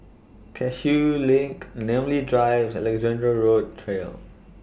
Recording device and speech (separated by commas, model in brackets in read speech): boundary microphone (BM630), read sentence